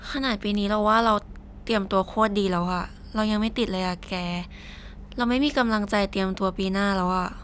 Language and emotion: Thai, frustrated